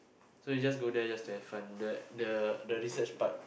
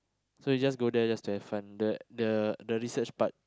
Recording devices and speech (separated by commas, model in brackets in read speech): boundary microphone, close-talking microphone, conversation in the same room